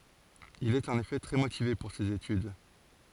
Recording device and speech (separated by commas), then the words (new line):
forehead accelerometer, read sentence
Il est en effet très motivé pour ces études.